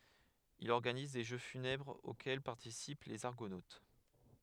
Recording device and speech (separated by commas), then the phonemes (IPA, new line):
headset microphone, read sentence
il ɔʁɡaniz de ʒø fynɛbʁz okɛl paʁtisip lez aʁɡonot